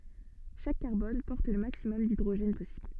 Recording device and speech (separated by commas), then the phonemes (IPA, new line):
soft in-ear microphone, read sentence
ʃak kaʁbɔn pɔʁt lə maksimɔm didʁoʒɛn pɔsibl